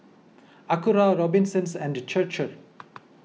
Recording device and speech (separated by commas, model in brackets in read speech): mobile phone (iPhone 6), read sentence